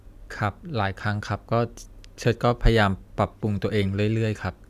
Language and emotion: Thai, sad